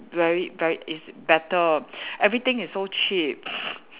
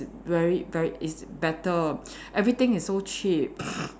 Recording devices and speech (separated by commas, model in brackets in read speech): telephone, standing microphone, conversation in separate rooms